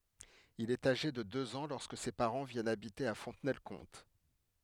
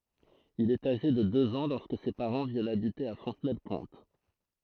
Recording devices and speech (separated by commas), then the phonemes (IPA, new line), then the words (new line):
headset microphone, throat microphone, read sentence
il ɛt aʒe də døz ɑ̃ lɔʁskə se paʁɑ̃ vjɛnt abite a fɔ̃tnɛlkɔ̃t
Il est âgé de deux ans lorsque ses parents viennent habiter à Fontenay-le-Comte.